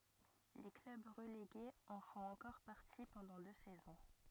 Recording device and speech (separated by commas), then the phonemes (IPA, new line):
rigid in-ear microphone, read sentence
le klœb ʁəleɡez ɑ̃ fɔ̃t ɑ̃kɔʁ paʁti pɑ̃dɑ̃ dø sɛzɔ̃